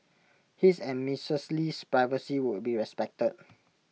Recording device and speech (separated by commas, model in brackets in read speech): mobile phone (iPhone 6), read sentence